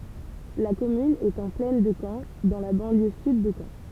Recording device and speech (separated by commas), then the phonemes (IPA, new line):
temple vibration pickup, read sentence
la kɔmyn ɛt ɑ̃ plɛn də kɑ̃ dɑ̃ la bɑ̃ljø syd də kɑ̃